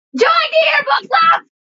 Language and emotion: English, fearful